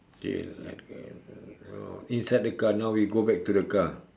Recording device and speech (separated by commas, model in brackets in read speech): standing microphone, conversation in separate rooms